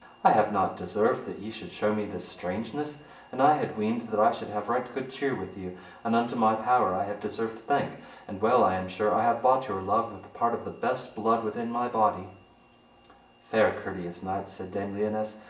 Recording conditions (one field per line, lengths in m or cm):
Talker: one person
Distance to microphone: 1.8 m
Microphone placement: close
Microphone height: 1.0 m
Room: large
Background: none